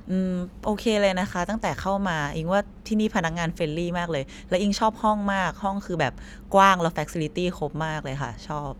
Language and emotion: Thai, happy